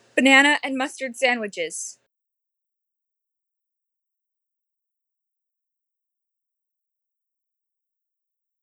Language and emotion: English, fearful